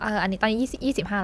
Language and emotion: Thai, neutral